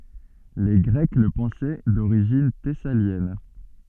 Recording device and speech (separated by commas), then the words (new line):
soft in-ear microphone, read sentence
Les Grecs le pensaient d’origine thessalienne.